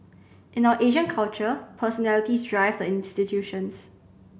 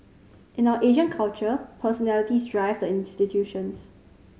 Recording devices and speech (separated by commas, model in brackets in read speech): boundary microphone (BM630), mobile phone (Samsung C5010), read sentence